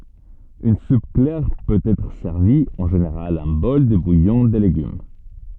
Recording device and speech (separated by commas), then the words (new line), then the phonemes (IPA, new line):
soft in-ear microphone, read sentence
Une soupe claire peut être servie, en général un bol de bouillon de légumes.
yn sup klɛʁ pøt ɛtʁ sɛʁvi ɑ̃ ʒeneʁal œ̃ bɔl də bujɔ̃ də leɡym